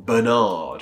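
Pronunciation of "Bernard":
'Bernard' is pronounced the American English way, with the ending said the way it is spelled, 'nard', rather than 'ned'.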